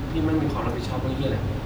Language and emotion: Thai, frustrated